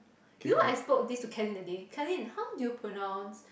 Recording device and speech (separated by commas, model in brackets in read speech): boundary microphone, conversation in the same room